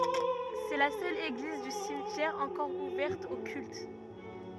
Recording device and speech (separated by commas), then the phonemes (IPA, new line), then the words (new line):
rigid in-ear microphone, read sentence
sɛ la sœl eɡliz dy simtjɛʁ ɑ̃kɔʁ uvɛʁt o kylt
C'est la seule église du cimetière encore ouverte au culte.